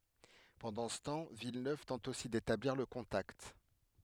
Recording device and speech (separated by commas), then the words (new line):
headset microphone, read sentence
Pendant ce temps, Villeneuve tente aussi d'établir le contact.